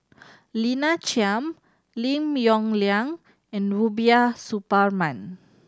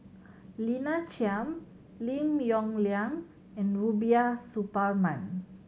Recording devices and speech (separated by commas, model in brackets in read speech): standing microphone (AKG C214), mobile phone (Samsung C7100), read sentence